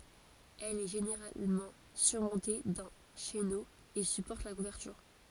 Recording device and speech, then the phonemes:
forehead accelerometer, read sentence
ɛl ɛ ʒeneʁalmɑ̃ syʁmɔ̃te dœ̃ ʃeno e sypɔʁt la kuvɛʁtyʁ

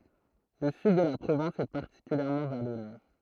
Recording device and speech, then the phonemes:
throat microphone, read sentence
lə syd də la pʁovɛ̃s ɛ paʁtikyljɛʁmɑ̃ valɔne

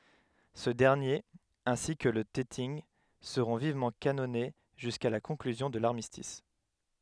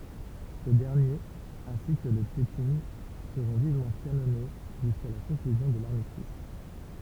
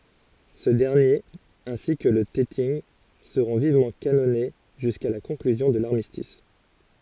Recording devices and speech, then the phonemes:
headset microphone, temple vibration pickup, forehead accelerometer, read sentence
sə dɛʁnjeʁ ɛ̃si kə lə tɛtinɡ səʁɔ̃ vivmɑ̃ kanɔne ʒyska la kɔ̃klyzjɔ̃ də laʁmistis

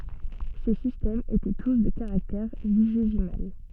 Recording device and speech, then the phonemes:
soft in-ear microphone, read sentence
se sistɛmz etɛ tus də kaʁaktɛʁ viʒezimal

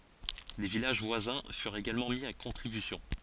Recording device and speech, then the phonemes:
forehead accelerometer, read sentence
le vilaʒ vwazɛ̃ fyʁt eɡalmɑ̃ mi a kɔ̃tʁibysjɔ̃

